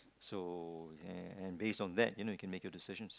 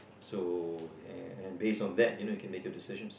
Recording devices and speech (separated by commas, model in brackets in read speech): close-talking microphone, boundary microphone, conversation in the same room